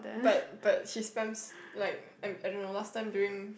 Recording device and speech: boundary microphone, conversation in the same room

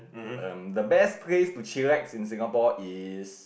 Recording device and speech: boundary microphone, conversation in the same room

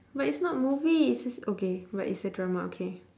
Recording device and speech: standing microphone, conversation in separate rooms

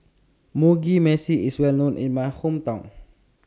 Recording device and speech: standing microphone (AKG C214), read sentence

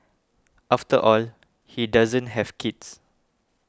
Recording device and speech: close-talking microphone (WH20), read sentence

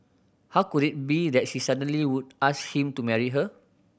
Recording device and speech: boundary microphone (BM630), read sentence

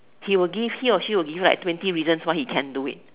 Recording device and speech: telephone, conversation in separate rooms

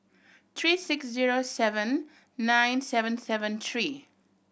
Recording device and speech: boundary microphone (BM630), read sentence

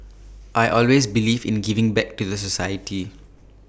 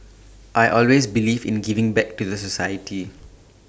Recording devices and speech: boundary microphone (BM630), standing microphone (AKG C214), read sentence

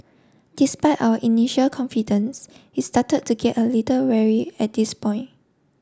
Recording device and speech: standing microphone (AKG C214), read sentence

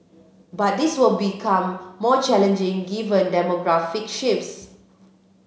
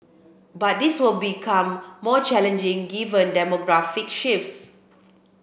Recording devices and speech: mobile phone (Samsung C7), boundary microphone (BM630), read sentence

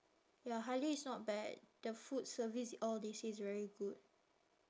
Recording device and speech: standing microphone, conversation in separate rooms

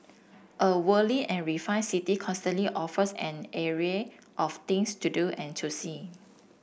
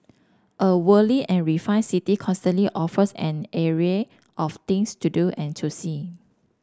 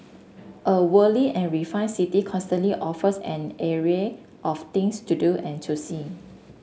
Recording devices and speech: boundary microphone (BM630), standing microphone (AKG C214), mobile phone (Samsung S8), read sentence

